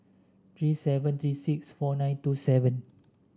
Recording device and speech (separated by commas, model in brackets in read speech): standing microphone (AKG C214), read sentence